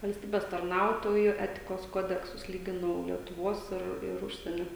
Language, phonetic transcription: Lithuanian, valsˈtybes tarˈnautoju ˈetikos ˈkodeksus ˈlyginau lietuˈvos ˈir ir ˈužsienio

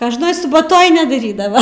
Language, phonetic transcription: Lithuanian, kožˈnoj subaˈtoj nedaˈrydava

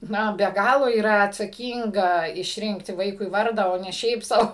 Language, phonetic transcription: Lithuanian, ˈnu be ˈgalo yˈra atsaˈkynga išˈrinkti ˈvaikui ˈvardą o ˈne ˈšiaip sau

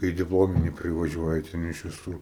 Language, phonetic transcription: Lithuanian, ˈkai į dipˈlominį privaˈžiuoja ten iš viˈsur

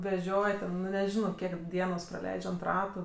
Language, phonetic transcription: Lithuanian, veˈžioj ten ˈnu neˈžinauo ˈkiek ˈdienos praˈleidž' ant ˈratu

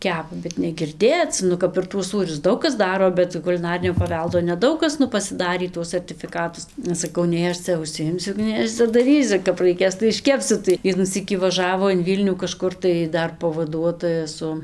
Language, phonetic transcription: Lithuanian, ˈkepa bet negirˈdėc ˈnu kap ir tuos ˈsūrius ˈdaug kas ˈdaro bet kuliˈnarinio paˈveldo neˈdaug kas ˈnu pasiˈdarį ˈtuos sartifiˈkatus aš saˈkau ˈnei aš ˈcia užsiˈjimsiu ˈnei aš cia daˈrysiu kap raiˈkės tai išˈkepsiu tai ˈvienų ˈsykį vaˈžavo in ˈvylnių kaˈžkur tai ˈdar pavaˈduotoja ˈsu

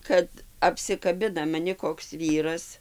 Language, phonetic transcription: Lithuanian, ˈkad apsikaˈbina maˈni koks ˈvyras

